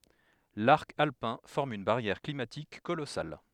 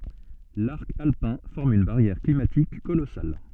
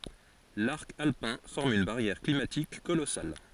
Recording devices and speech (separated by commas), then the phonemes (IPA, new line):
headset microphone, soft in-ear microphone, forehead accelerometer, read sentence
laʁk alpɛ̃ fɔʁm yn baʁjɛʁ klimatik kolɔsal